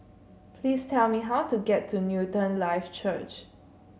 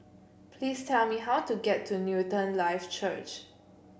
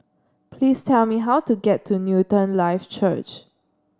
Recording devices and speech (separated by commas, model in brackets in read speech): mobile phone (Samsung C7), boundary microphone (BM630), standing microphone (AKG C214), read sentence